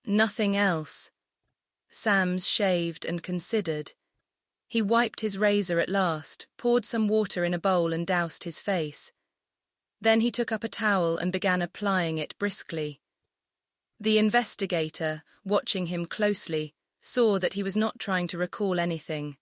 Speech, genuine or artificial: artificial